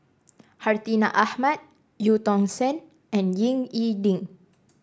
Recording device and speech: standing microphone (AKG C214), read sentence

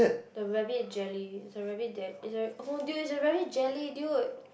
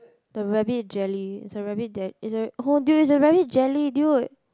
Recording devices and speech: boundary microphone, close-talking microphone, conversation in the same room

